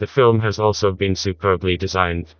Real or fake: fake